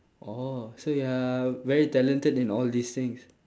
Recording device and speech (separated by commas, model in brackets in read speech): standing microphone, conversation in separate rooms